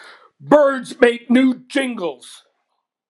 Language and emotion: English, angry